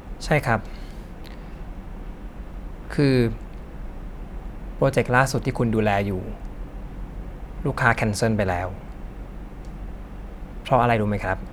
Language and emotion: Thai, neutral